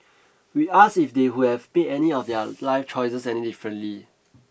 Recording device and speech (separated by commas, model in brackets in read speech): boundary microphone (BM630), read sentence